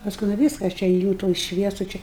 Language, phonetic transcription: Lithuanian, pasˈkui nu ˈvyska aš ˈčia ėˈjū tuoj ˈšviesu čia

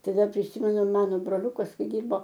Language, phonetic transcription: Lithuanian, ˈtai ˈdar priˈsimenu ˈmano broˈliukas ˈkai ˈdirbo

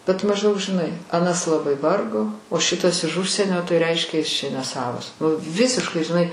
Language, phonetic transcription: Lithuanian, bet mažˈdaug žiˈnai aˈnas laˈbai ˈvargo o ˈšitas iš ˈužsienio tai ˈreiškia jis čia ˈnesavas u ˈvisiškai žiˈnai

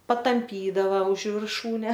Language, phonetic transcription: Lithuanian, patamˈpydava už virˈšūne

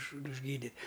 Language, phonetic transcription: Lithuanian, už užˈgydi

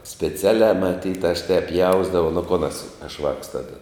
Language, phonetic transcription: Lithuanian, speˈcialiā maˈtyt aš tēp ˈjausdavau nu kon as aš vāks ˈtada

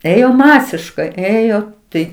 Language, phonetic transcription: Lithuanian, ˈėjo ˈmasiškai ˈėjo ˈtai

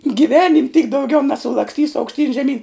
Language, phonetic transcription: Lithuanian, giˈvenim' tyk dauˈgiau nesulaksˈtysu aukšˈtyn žeˈmyn

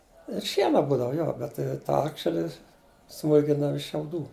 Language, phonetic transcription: Lithuanian, ir ˈšiena ˈbūdava ˈjo bet tai ˈtą ˈakšeli ˈsmūlkindava iš šiauˈdų

